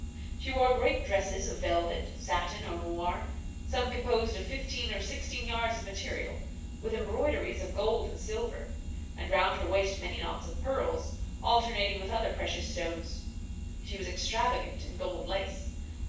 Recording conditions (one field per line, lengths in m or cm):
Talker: one person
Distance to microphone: 9.8 m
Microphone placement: far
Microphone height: 1.8 m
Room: large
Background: none